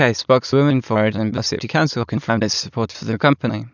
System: TTS, waveform concatenation